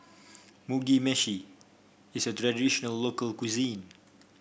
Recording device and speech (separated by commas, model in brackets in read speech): boundary microphone (BM630), read sentence